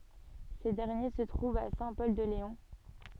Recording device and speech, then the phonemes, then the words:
soft in-ear microphone, read sentence
se dɛʁnje sə tʁuvt a sɛ̃ pɔl də leɔ̃
Ces derniers se trouvent à Saint-Pol-de-Léon.

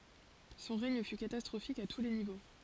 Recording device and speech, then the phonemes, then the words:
forehead accelerometer, read sentence
sɔ̃ ʁɛɲ fy katastʁofik a tu le nivo
Son règne fut catastrophique à tous les niveaux.

